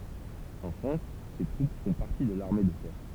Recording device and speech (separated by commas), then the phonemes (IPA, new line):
temple vibration pickup, read sentence
ɑ̃ fʁɑ̃s se tʁup fɔ̃ paʁti də laʁme də tɛʁ